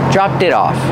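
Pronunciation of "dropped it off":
In 'dropped it off', the t sound of 'dropped' links to 'it', and the t in 'it' sounds like a fast d.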